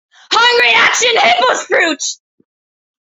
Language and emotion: English, sad